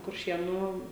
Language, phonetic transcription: Lithuanian, kurˈšėnų

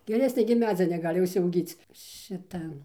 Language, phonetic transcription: Lithuanian, geˈresnė gimˈnazija neˈgali užsiauˈgyc ˈšita

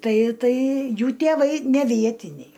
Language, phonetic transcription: Lithuanian, ˈtai ˈtai ˈjų tėˈvai ne ˈvietiniai

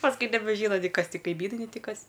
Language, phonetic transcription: Lithuanian, pasˈkui nebeˈžyna ni ˈkas ˈti kaiˈmynai nei ˈti ˈkas

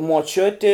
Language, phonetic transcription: Lithuanian, muoˈčiuti

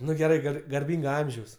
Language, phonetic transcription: Lithuanian, ˈnu geˈrai ˈgar garˈbynga ˈamžiaus

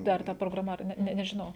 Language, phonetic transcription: Lithuanian, ˈdar ta prograˈma ar ˈne ˈne nežiˈnau

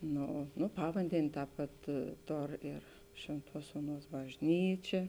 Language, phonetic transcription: Lithuanian, ˈno ˈno ˈpavandenė ˈtāp pat ˈtor ir ˈšvėnˌtuos ˈuoˌnuos bažˈnyčia

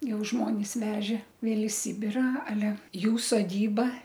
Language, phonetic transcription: Lithuanian, ˈjau ˈžmonis ˈveže ˈvėl i ˈsybira aˈle ˈjų soˈdyba

